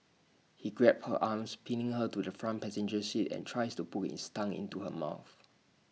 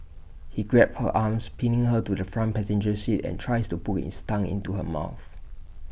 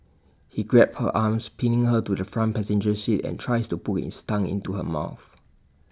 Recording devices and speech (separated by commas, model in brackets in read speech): mobile phone (iPhone 6), boundary microphone (BM630), standing microphone (AKG C214), read sentence